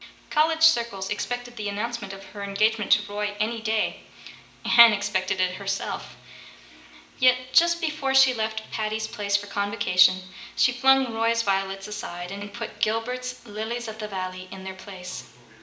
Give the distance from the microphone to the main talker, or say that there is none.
1.8 m.